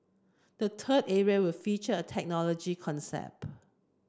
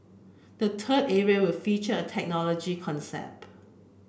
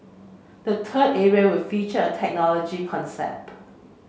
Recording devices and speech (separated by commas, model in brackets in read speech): close-talking microphone (WH30), boundary microphone (BM630), mobile phone (Samsung C7), read sentence